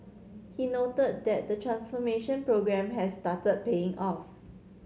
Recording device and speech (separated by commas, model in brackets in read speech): mobile phone (Samsung C7100), read sentence